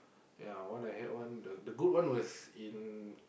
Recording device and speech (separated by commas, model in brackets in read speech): boundary microphone, conversation in the same room